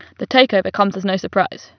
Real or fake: real